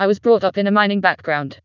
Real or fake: fake